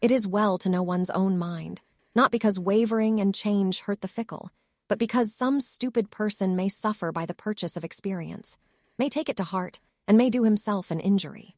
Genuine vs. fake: fake